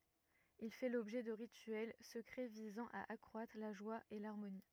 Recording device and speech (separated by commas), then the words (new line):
rigid in-ear microphone, read sentence
Il fait l'objet de rituels secrets visant à accroître la joie et l'harmonie.